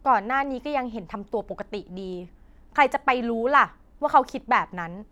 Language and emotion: Thai, frustrated